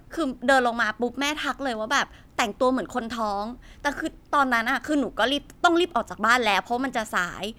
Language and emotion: Thai, frustrated